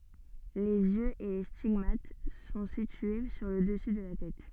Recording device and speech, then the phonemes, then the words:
soft in-ear microphone, read sentence
lez jøz e le stiɡmat sɔ̃ sitye syʁ lə dəsy də la tɛt
Les yeux et les stigmates sont situés sur le dessus de la tête.

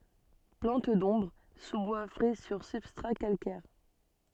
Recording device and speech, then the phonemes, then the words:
soft in-ear microphone, read sentence
plɑ̃t dɔ̃bʁ suzbwa fʁɛ syʁ sybstʁa kalkɛʁ
Plante d'ombre, sous-bois frais sur substrats calcaires.

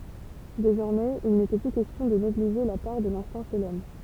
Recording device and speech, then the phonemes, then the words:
temple vibration pickup, read sentence
dezɔʁmɛz il netɛ ply kɛstjɔ̃ də neɡliʒe la paʁ də lɛ̃stɛ̃ ʃe lɔm
Désormais, il n'était plus question de négliger la part de l'instinct chez l'homme.

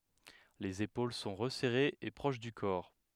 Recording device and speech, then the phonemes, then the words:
headset microphone, read sentence
lez epol sɔ̃ ʁəsɛʁez e pʁoʃ dy kɔʁ
Les épaules sont resserrées et proches du corps.

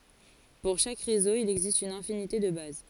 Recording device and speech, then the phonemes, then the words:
forehead accelerometer, read sentence
puʁ ʃak ʁezo il ɛɡzist yn ɛ̃finite də baz
Pour chaque réseau, il existe une infinité de bases.

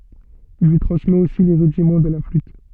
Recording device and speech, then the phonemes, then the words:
soft in-ear microphone, read sentence
il lyi tʁɑ̃smɛt osi le ʁydimɑ̃ də la flyt
Il lui transmet aussi les rudiments de la flûte.

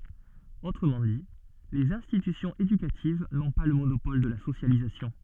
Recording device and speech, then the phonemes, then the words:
soft in-ear microphone, read sentence
otʁəmɑ̃ di lez ɛ̃stitysjɔ̃z edykativ nɔ̃ pa lə monopɔl də la sosjalizasjɔ̃
Autrement dit, les institutions éducatives n'ont pas le monopole de la socialisation.

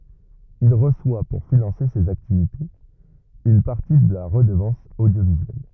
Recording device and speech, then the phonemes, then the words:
rigid in-ear microphone, read sentence
il ʁəswa puʁ finɑ̃se sez aktivitez yn paʁti də la ʁədəvɑ̃s odjovizyɛl
Il reçoit pour financer ses activités une partie de la Redevance audiovisuelle.

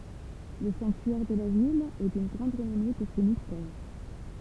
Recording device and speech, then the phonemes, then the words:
temple vibration pickup, read sentence
lə sɑ̃ktyɛʁ də la vil ɛ dyn ɡʁɑ̃d ʁənɔme puʁ se mistɛʁ
Le sanctuaire de la ville est d'une grande renommée pour ses Mystères.

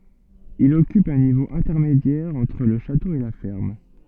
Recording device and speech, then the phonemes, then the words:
soft in-ear microphone, read sentence
il ɔkyp œ̃ nivo ɛ̃tɛʁmedjɛʁ ɑ̃tʁ lə ʃato e la fɛʁm
Il occupe un niveau intermédiaire entre le château et la ferme.

